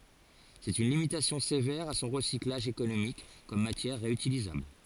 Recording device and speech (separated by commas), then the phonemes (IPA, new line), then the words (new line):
forehead accelerometer, read sentence
sɛt yn limitasjɔ̃ sevɛʁ a sɔ̃ ʁəsiklaʒ ekonomik kɔm matjɛʁ ʁeytilizabl
C'est une limitation sévère à son recyclage économique comme matière réutilisable.